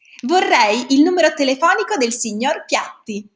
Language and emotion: Italian, happy